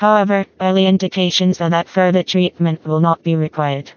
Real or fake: fake